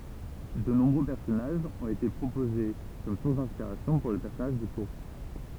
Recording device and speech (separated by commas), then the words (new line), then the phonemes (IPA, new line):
temple vibration pickup, read sentence
De nombreux personnages ont été proposés comme sources d'inspiration pour le personnage de Kurtz.
də nɔ̃bʁø pɛʁsɔnaʒz ɔ̃t ete pʁopoze kɔm suʁs dɛ̃spiʁasjɔ̃ puʁ lə pɛʁsɔnaʒ də kyʁts